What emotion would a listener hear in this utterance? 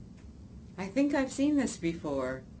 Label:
neutral